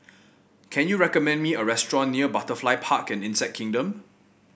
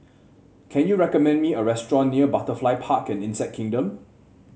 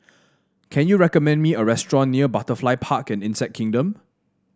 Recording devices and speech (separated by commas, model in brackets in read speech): boundary microphone (BM630), mobile phone (Samsung C7), standing microphone (AKG C214), read sentence